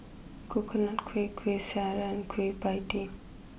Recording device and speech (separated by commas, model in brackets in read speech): boundary microphone (BM630), read sentence